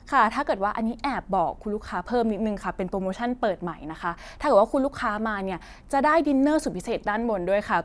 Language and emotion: Thai, happy